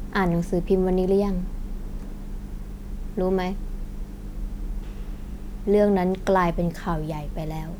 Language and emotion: Thai, neutral